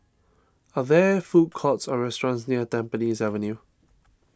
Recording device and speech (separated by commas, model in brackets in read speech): standing microphone (AKG C214), read sentence